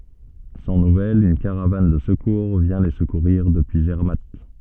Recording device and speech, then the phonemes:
soft in-ear microphone, read sentence
sɑ̃ nuvɛlz yn kaʁavan də səkuʁ vjɛ̃ le səkuʁiʁ dəpyi zɛʁmat

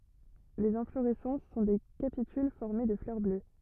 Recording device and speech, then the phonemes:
rigid in-ear microphone, read sentence
lez ɛ̃floʁɛsɑ̃s sɔ̃ de kapityl fɔʁme də flœʁ blø

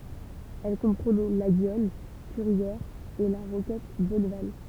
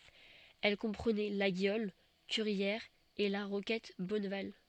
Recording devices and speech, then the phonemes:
temple vibration pickup, soft in-ear microphone, read sentence
ɛl kɔ̃pʁənɛ laɡjɔl kyʁjɛʁz e la ʁokɛt bɔnval

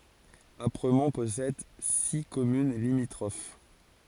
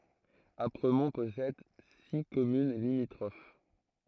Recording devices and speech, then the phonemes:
forehead accelerometer, throat microphone, read sentence
apʁəmɔ̃ pɔsɛd si kɔmyn limitʁof

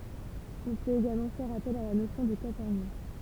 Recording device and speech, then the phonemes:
temple vibration pickup, read sentence
ɔ̃ pøt eɡalmɑ̃ fɛʁ apɛl a la nosjɔ̃ də kwatɛʁnjɔ̃

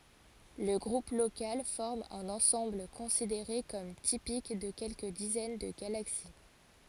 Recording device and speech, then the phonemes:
forehead accelerometer, read sentence
lə ɡʁup lokal fɔʁm œ̃n ɑ̃sɑ̃bl kɔ̃sideʁe kɔm tipik də kɛlkə dizɛn də ɡalaksi

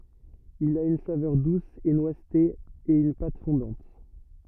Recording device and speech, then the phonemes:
rigid in-ear microphone, read sentence
il a yn savœʁ dus e nwazte e yn pat fɔ̃dɑ̃t

